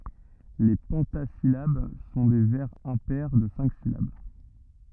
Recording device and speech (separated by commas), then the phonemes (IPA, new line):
rigid in-ear microphone, read sentence
le pɑ̃tazilab sɔ̃ de vɛʁz ɛ̃pɛʁ də sɛ̃k silab